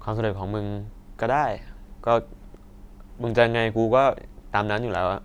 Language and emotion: Thai, frustrated